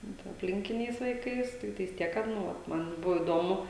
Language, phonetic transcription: Lithuanian, ˈnu ta apˈlinkiniais vaiˈkais ˈtiktais ˈtiek kad ˈnu ˈvat ˈman ˈbuvo įˈdomu

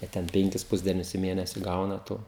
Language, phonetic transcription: Lithuanian, a ˈten ˈpenkis ˈpusdienius i ˈmėnesi ˈgauna to

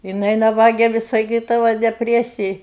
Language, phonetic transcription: Lithuanian, jiˈnai naˈbage vis saˈkydava deˈpresij

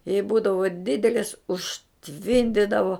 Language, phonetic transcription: Lithuanian, jei ˈbūdavo ˈdidelis užˈtvindidavo

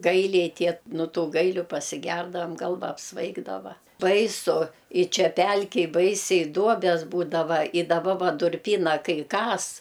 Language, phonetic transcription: Lithuanian, ˈgailiai ˈtie no ˈtų ˈgailiu pasiˈgerdavam ˈgalva apsˈvaigdava baiˈsu i ˈčia ˈpelkej ˈbaisiai ˈduobes ˈbūdava i daˈba ˈva durˈpyna ˈkai ˈkas

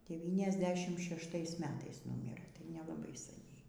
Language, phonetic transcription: Lithuanian, deˌvyniasˈdešimt šešˈtais ˈmetais ˈnumirɘ tai nelaˈbai saˈniai

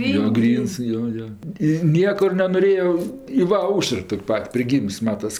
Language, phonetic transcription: Lithuanian, jo ˈgryns ˈjo ˈjo i ˈniekur nenoˈrėo i ˈva ˈaušər ˈtok' ˈpat' priˈgyms ˈmatas

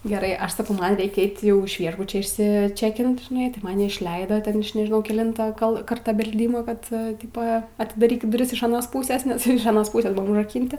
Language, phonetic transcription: Lithuanian, geˈrai ˈaš saˈkau ˈman ˈreikia ˈeit' ˈjau iš ˈviešbuče išsiˈčekint žiˈnai tai maˈni išˈleidoˈten ˈaš nežiˈnau keˈlinto kal ˈkarta belˈdymo ˈkad ˈtipo atidaˈrykit duˈris iš aˈnos ˈpūsės nes jau iš aˈnos ˈpūsės ˈbuvom užraˈkynti

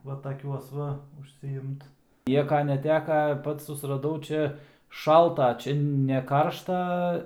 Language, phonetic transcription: Lithuanian, ˈva taˈkiuos va užsiˈimt ˈnieka neˈteka ˈpats susraˈdau ˈčia ˈšalta ˈčia ne ˈkaršta

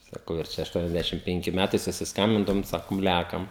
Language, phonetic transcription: Lithuanian, saˈkau ir ˈčia ašˈtuoniasˌdæšim ˈpenki ˈmætai susisˈkambindavom ˈsakom ˈlekam

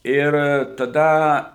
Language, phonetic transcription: Lithuanian, ˈir taˈda

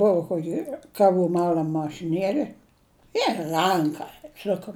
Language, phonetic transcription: Lithuanian, ˈbuvo ˈkoki kaˈvų ˈmal'am mašiˈnieli ir ˈranka ˈsukam

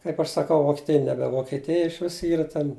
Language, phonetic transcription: Lithuanian, kaip aš saˈkau vokieˈtija ˈnebe vokieˈtija išˈvis ˈyra ten

